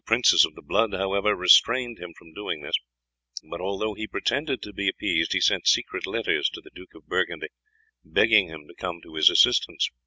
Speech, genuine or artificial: genuine